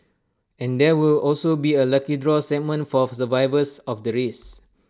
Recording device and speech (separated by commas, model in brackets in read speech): standing microphone (AKG C214), read sentence